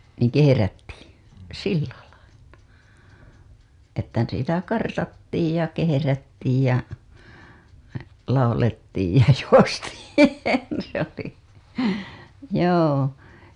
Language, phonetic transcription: Finnish, niiŋ "keherättII , "sillä lail(la) , että sitä 'kartattiij ja 'keherättiij jä 'laulettiij ja 'juostiin , se ‿oli , joo .
- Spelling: niin kehrättiin sillä lailla että sitä kartattiin ja kehrättiin ja laulettiin ja juostiin se oli joo

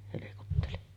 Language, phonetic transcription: Finnish, helekutteli .
- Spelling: helkutteli

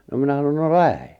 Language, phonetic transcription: Finnish, no 'minä sanon » no "lähe « .
- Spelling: no minä sanoin no lähde

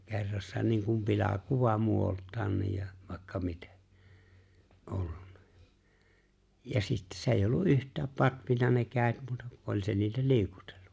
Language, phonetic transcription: Finnish, 'ke̬rrassa niiŋ kum 'pila'kuva 'muo₍olt̀aanniij ja vài̬kka 'mite , '’ollunna , ja 'sitte 's ‿èi̬̬j ‿ollu’ '’yht̀ääp 'patvina ne 'kä̀et muuta ku 'oĺ se niitä 'liikutᴇʟʟᴜ .
- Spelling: kerrassa niin kuin pilakuva muodoltaankin ja vaikka miten ollut ja sitten se ei ollut yhtään patvinut ne kädet muuta kuin oli se niitä liikutellut

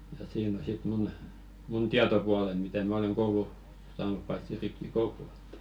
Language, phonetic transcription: Finnish, ja 'siin ‿o sit 'mun , mun "tiatopualen mitä 'mä oleŋ 'koulu , saanup paitsi 'rippi"koulu ᴇttᴀ̈ .
- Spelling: ja siinä on sitten minun minun tietopuoleni mitä minä olen koulua saanut paitsi rippikoulu että

